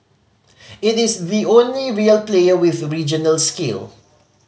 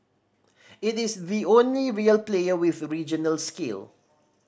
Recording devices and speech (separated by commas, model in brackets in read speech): mobile phone (Samsung C5010), standing microphone (AKG C214), read sentence